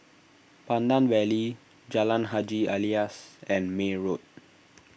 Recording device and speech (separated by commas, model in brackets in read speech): boundary microphone (BM630), read sentence